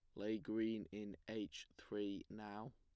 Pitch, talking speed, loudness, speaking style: 105 Hz, 140 wpm, -47 LUFS, plain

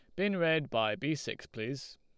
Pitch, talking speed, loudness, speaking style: 135 Hz, 200 wpm, -33 LUFS, Lombard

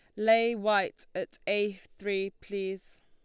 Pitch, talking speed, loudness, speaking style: 205 Hz, 125 wpm, -30 LUFS, Lombard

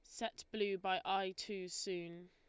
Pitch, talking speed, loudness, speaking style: 190 Hz, 170 wpm, -41 LUFS, Lombard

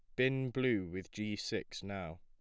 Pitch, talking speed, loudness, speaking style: 100 Hz, 180 wpm, -37 LUFS, plain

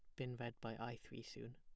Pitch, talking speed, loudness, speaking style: 120 Hz, 265 wpm, -50 LUFS, plain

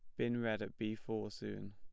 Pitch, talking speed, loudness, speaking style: 110 Hz, 235 wpm, -41 LUFS, plain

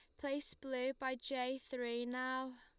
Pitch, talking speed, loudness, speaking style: 260 Hz, 150 wpm, -42 LUFS, Lombard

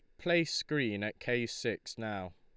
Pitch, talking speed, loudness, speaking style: 115 Hz, 165 wpm, -34 LUFS, Lombard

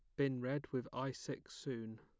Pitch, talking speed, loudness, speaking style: 130 Hz, 200 wpm, -43 LUFS, plain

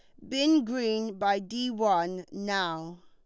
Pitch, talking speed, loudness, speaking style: 205 Hz, 130 wpm, -28 LUFS, Lombard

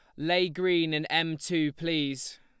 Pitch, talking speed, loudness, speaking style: 165 Hz, 165 wpm, -28 LUFS, Lombard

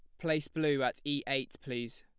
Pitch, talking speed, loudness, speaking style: 140 Hz, 200 wpm, -34 LUFS, plain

